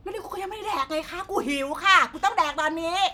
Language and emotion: Thai, angry